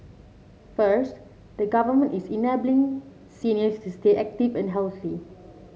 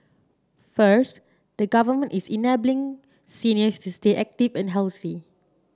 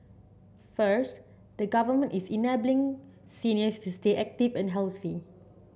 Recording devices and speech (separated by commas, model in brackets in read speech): mobile phone (Samsung C7), standing microphone (AKG C214), boundary microphone (BM630), read sentence